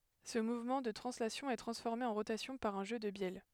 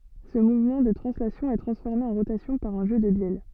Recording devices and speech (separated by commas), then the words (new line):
headset microphone, soft in-ear microphone, read sentence
Ce mouvement de translation est transformé en rotation par un jeu de bielles.